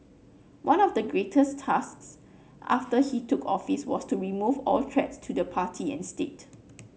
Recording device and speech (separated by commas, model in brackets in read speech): mobile phone (Samsung C9), read sentence